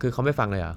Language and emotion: Thai, frustrated